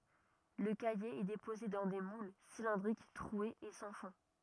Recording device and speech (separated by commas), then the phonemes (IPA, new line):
rigid in-ear microphone, read sentence
lə kaje ɛ depoze dɑ̃ de mul silɛ̃dʁik tʁwez e sɑ̃ fɔ̃